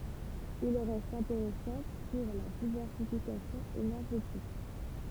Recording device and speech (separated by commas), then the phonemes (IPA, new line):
temple vibration pickup, read sentence
il ʁɛst ɛ̃teʁɛsɑ̃ puʁ la divɛʁsifikasjɔ̃ enɛʁʒetik